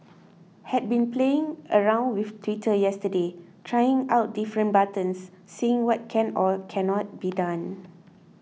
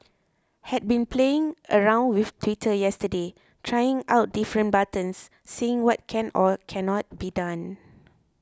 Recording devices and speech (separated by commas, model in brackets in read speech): mobile phone (iPhone 6), close-talking microphone (WH20), read sentence